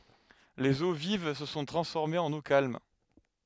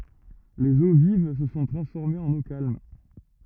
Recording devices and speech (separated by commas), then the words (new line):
headset microphone, rigid in-ear microphone, read sentence
Les eaux vives se sont transformées en eaux calmes.